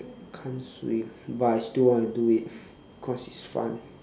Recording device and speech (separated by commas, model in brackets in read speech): standing microphone, conversation in separate rooms